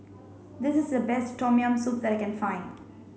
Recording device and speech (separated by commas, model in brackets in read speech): mobile phone (Samsung C5), read sentence